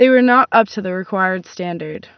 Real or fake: real